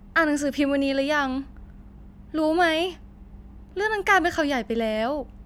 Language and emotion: Thai, frustrated